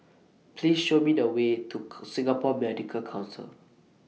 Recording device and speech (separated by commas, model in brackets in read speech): mobile phone (iPhone 6), read sentence